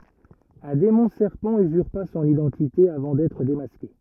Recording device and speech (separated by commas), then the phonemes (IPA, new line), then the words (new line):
rigid in-ear microphone, read sentence
œ̃ demɔ̃ sɛʁpɑ̃ yzyʁpa sɔ̃n idɑ̃tite avɑ̃ dɛtʁ demaske
Un démon serpent usurpa son identité avant d'être démasqué.